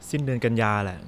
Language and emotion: Thai, neutral